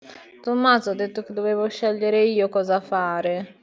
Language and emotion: Italian, sad